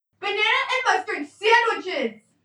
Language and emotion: English, angry